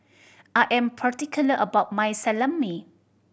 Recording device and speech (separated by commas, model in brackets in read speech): boundary microphone (BM630), read sentence